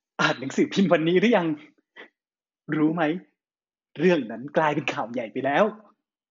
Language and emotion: Thai, happy